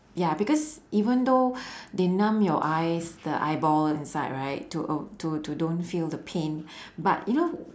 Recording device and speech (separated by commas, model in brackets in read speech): standing microphone, conversation in separate rooms